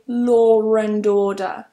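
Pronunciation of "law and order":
An r sound is added between 'law' and 'and', so 'law' links into the vowel at the start of 'and'.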